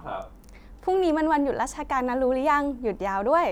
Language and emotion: Thai, happy